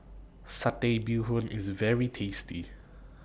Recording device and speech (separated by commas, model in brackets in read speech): boundary microphone (BM630), read sentence